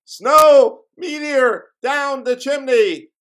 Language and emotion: English, neutral